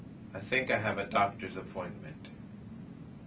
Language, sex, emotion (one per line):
English
male
neutral